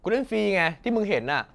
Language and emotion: Thai, frustrated